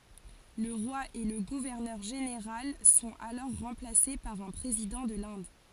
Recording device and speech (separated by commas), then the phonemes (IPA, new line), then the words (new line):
forehead accelerometer, read sentence
lə ʁwa e lə ɡuvɛʁnœʁ ʒeneʁal sɔ̃t alɔʁ ʁɑ̃plase paʁ œ̃ pʁezidɑ̃ də lɛ̃d
Le roi et le gouverneur général sont alors remplacés par un président de l'Inde.